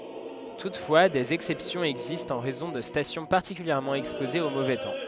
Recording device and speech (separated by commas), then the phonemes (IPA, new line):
headset microphone, read sentence
tutfwa dez ɛksɛpsjɔ̃z ɛɡzistt ɑ̃ ʁɛzɔ̃ də stasjɔ̃ paʁtikyljɛʁmɑ̃ ɛkspozez o movɛ tɑ̃